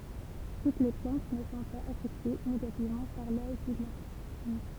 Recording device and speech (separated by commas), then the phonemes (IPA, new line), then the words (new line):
temple vibration pickup, read sentence
tut le plɑ̃t nə sɔ̃ paz afɛkte neɡativmɑ̃ paʁ la ʒyɡlɔn
Toutes les plantes ne sont pas affectées négativement par la juglone.